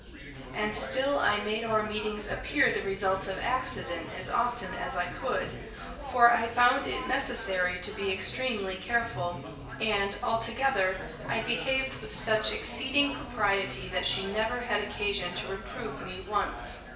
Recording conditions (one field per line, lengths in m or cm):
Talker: one person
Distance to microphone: 1.8 m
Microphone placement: close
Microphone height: 1.0 m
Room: large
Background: babble